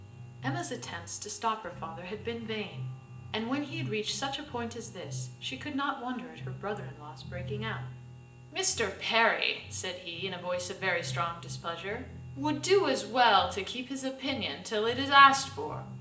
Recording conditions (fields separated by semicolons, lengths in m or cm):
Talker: one person; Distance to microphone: 1.8 m; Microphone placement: close; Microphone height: 1.0 m; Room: large; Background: music